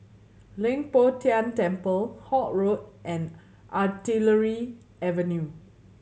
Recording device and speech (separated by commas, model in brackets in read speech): mobile phone (Samsung C7100), read sentence